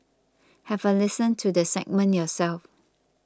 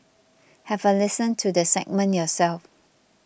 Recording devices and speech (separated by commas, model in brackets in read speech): close-talking microphone (WH20), boundary microphone (BM630), read sentence